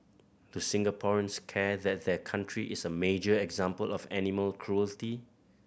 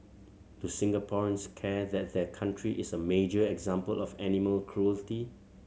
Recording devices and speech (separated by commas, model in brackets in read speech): boundary microphone (BM630), mobile phone (Samsung C7100), read sentence